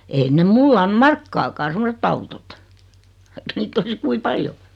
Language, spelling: Finnish, ei ne minulle anna markkaakaan semmoiset autot vaikka niitä olisi kuinka paljon
- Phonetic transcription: 'ein ne "mull ‿an̬ "markkaakaa 'semosett ‿autot , (vaikka) 'niitt ‿olis 'kui "paljo .

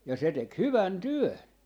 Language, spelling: Finnish, ja se teki hyvän työn
- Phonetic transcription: ja 'se tek "hyvän "työn .

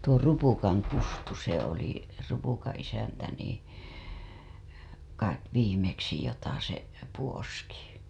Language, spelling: Finnish, tuo Rupukan - Kustu se oli Rupukan isäntä niin kai viimeksi jota se puoski
- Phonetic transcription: tuo 'Rupukaŋ ' Kustu se ‿oli , Rupukaa̰ isäntä nii , kait 'viimeksi jota se , puoski .

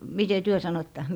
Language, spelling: Finnish, miten te sanoitte
- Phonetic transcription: mite "työ 'sanoⁱtta .

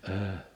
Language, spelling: Finnish, -
- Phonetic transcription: əəʰ .

